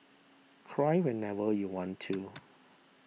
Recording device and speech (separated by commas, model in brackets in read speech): mobile phone (iPhone 6), read sentence